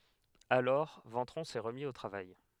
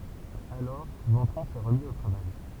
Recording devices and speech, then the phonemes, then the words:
headset microphone, temple vibration pickup, read sentence
alɔʁ vɑ̃tʁɔ̃ sɛ ʁəmi o tʁavaj
Alors, Ventron s'est remis au travail.

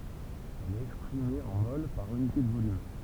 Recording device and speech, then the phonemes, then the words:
temple vibration pickup, read sentence
ɛl ɛt ɛkspʁime ɑ̃ mol paʁ ynite də volym
Elle est exprimée en moles par unité de volume.

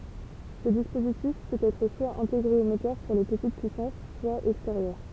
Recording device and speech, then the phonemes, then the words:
temple vibration pickup, read sentence
sə dispozitif pøt ɛtʁ swa ɛ̃teɡʁe o motœʁ puʁ le pətit pyisɑ̃s swa ɛksteʁjœʁ
Ce dispositif peut être soit intégré au moteur, pour les petites puissances, soit extérieur.

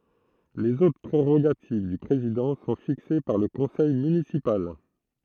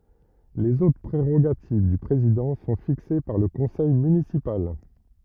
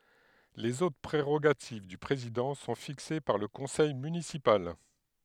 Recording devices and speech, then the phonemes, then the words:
throat microphone, rigid in-ear microphone, headset microphone, read sentence
lez otʁ pʁeʁoɡativ dy pʁezidɑ̃ sɔ̃ fikse paʁ lə kɔ̃sɛj mynisipal
Les autres prérogatives du président sont fixées par le conseil municipal.

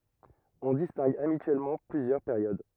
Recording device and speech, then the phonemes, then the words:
rigid in-ear microphone, read sentence
ɔ̃ distɛ̃ɡ abityɛlmɑ̃ plyzjœʁ peʁjod
On distingue habituellement plusieurs périodes.

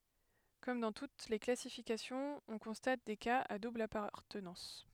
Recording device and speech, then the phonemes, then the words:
headset microphone, read sentence
kɔm dɑ̃ tut le klasifikasjɔ̃z ɔ̃ kɔ̃stat de kaz a dubl apaʁtənɑ̃s
Comme dans toutes les classifications, on constate des cas à double appartenance.

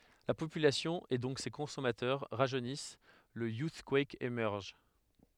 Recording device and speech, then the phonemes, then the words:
headset microphone, read sentence
la popylasjɔ̃ e dɔ̃k se kɔ̃sɔmatœʁ ʁaʒønis lə juskwɛk emɛʁʒ
La population, et donc ses consommateurs, rajeunissent, le Youthquake émerge.

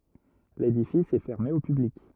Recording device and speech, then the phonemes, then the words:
rigid in-ear microphone, read sentence
ledifis ɛ fɛʁme o pyblik
L'édifice est fermé au public.

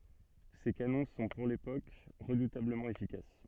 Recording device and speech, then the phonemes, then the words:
soft in-ear microphone, read sentence
se kanɔ̃ sɔ̃ puʁ lepok ʁədutabləmɑ̃ efikas
Ces canons sont, pour l'époque, redoutablement efficaces.

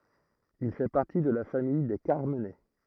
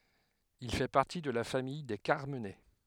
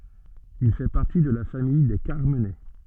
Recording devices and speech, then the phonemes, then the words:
throat microphone, headset microphone, soft in-ear microphone, read sentence
il fɛ paʁti də la famij de kaʁmənɛ
Il fait partie de la famille des Carmenets.

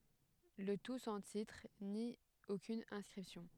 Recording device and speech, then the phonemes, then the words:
headset microphone, read sentence
lə tu sɑ̃ titʁ ni okyn ɛ̃skʁipsjɔ̃
Le tout sans titre, ni aucune inscription.

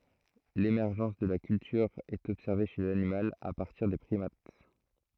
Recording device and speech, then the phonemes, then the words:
throat microphone, read sentence
lemɛʁʒɑ̃s də la kyltyʁ ɛt ɔbsɛʁve ʃe lanimal a paʁtiʁ de pʁimat
L'émergence de la culture est observée chez l'animal à partir des primates.

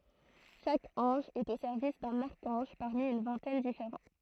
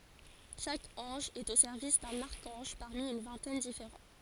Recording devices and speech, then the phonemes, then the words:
throat microphone, forehead accelerometer, read sentence
ʃak ɑ̃ʒ ɛt o sɛʁvis dœ̃n aʁkɑ̃ʒ paʁmi yn vɛ̃tɛn difeʁɑ̃
Chaque ange est au service d'un archange, parmi une vingtaine différents.

